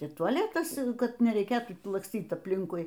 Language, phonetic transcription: Lithuanian, y tuaˈletas ˈkad nereiˈkėtų laksˈtyt apˈlinkui

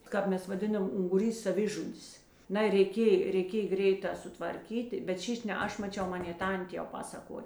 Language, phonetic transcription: Lithuanian, ˈkāp ˌmes vaˈdinam unguˈrys saˈvižudis ˈnai reiˈkėj reiˈkėj ˈgreiˌtā sutvarˈkyti bet ˈšyš' ne ˈaš maˈčiau ˈmanė ˈtantė jau ˈpasakoj

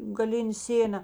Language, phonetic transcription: Lithuanian, gaˈlinė ˈsėna

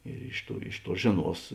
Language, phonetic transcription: Lithuanian, ir ˈiš ˌtuo ˈiš ˌtuo ˈžėˌnuos

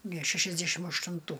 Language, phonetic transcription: Lithuanian, ne šešiasˈdæšim aštunˈtų

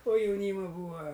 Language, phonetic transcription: Lithuanian, o jauˈnyma ˈbūa

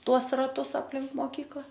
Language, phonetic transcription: Lithuanian, ˈtuos raˈtus apˈlink moˈkykla

